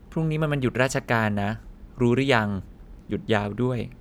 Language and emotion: Thai, neutral